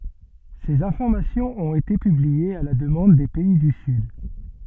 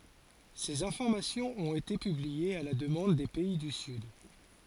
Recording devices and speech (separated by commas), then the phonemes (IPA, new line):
soft in-ear microphone, forehead accelerometer, read sentence
sez ɛ̃fɔʁmasjɔ̃z ɔ̃t ete pybliez a la dəmɑ̃d de pɛi dy syd